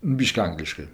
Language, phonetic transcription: Lithuanian, ˈbiški ˈangliškɜ

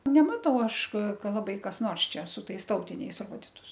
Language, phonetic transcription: Lithuanian, neˈmatau ˈaš ˈka laˈbai kas ˈnors čia su ˈtais ˈtautiniais ˈroditus

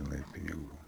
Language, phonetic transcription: Lithuanian, žiˈnai piniˈgų

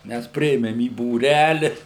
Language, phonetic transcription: Lithuanian, ˈmæs ˈpriėmem į būˈræli

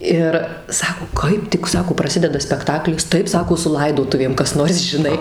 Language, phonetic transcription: Lithuanian, ˈir ˈsako ˈkaip tik ˈsako praˈsideda spekˈtaklis ˈtaip ˈsako su ˈlaidotuvėm kas ˈnors žiˈnai

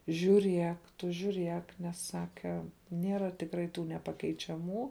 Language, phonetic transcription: Lithuanian, žiūˈriek ˈtu žiūˈriek ˈnes ˈsake ˈniera tikˈrai ˈtų nepakeičiaˈmų

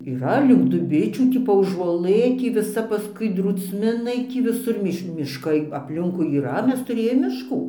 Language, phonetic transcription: Lithuanian, yˈra link duˈbičių ˈtį paųžuoˈlɘ ˈtį viˈsa paˈskui drūcˈminai ˈtį viˈsur ˈmiš mišˈkai apˈlinkui yˈra ˈmes tuˈrėjom mišˈkų

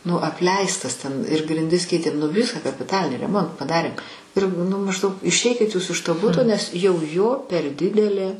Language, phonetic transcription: Lithuanian, nu apˈleistas ten ir grinˈdis ˈkeitėm nu ˈvisą kapiˈtalinį reˈmontą paˈdarėm ˈir nu mažˈdaug išˈeikit jūs iš to ˈbuto nes jau jo per ˈdidelė

